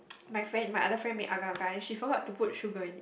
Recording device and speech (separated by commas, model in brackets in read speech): boundary microphone, conversation in the same room